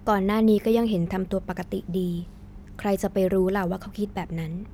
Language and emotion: Thai, neutral